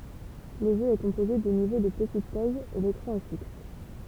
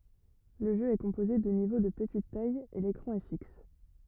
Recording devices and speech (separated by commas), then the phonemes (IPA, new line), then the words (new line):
temple vibration pickup, rigid in-ear microphone, read sentence
lə ʒø ɛ kɔ̃poze də nivo də pətit taj e lekʁɑ̃ ɛ fiks
Le jeu est composé de niveaux de petite taille et l'écran est fixe.